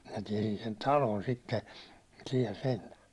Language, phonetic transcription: Finnish, minä 'tiɛsin sen "talon sitte , siɛl sen(tä) .
- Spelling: minä tiesin sen talon sitten siellä sentään

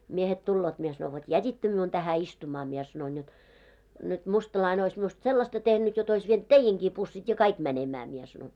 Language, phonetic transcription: Finnish, 'miehet 'tulloot mie sano » vot "jät́ittö miun tähä 'istuma « mie sanoin jot , » nyt 'mustalaine ois miust "sellasta tehnyt jot ‿ois vient "teijeŋkii 'pussit ja "kaik 'mänemää « mie sanoin .
- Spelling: miehet tulevat minä sanoin vot jätitte minun tähän istumaan minä sanoin jotta nyt mustalainen olisi minusta sellaista tehnyt jotta olisi vienyt teidänkin pussit ja kaikki menemään minä sanoin

